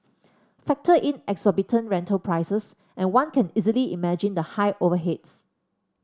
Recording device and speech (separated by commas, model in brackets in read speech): standing microphone (AKG C214), read sentence